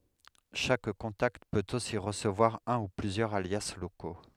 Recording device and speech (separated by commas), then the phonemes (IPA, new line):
headset microphone, read sentence
ʃak kɔ̃takt pøt osi ʁəsəvwaʁ œ̃ u plyzjœʁz alja loko